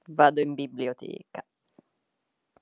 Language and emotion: Italian, disgusted